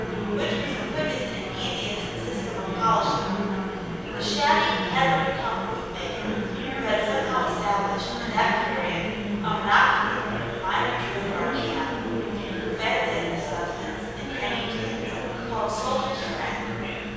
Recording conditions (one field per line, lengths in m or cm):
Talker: one person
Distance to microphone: 7.1 m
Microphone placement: far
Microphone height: 1.7 m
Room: very reverberant, large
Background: babble